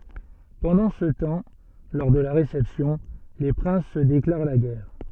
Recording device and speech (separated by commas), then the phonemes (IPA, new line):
soft in-ear microphone, read sentence
pɑ̃dɑ̃ sə tɑ̃ lɔʁ də la ʁesɛpsjɔ̃ le pʁɛ̃s sə deklaʁ la ɡɛʁ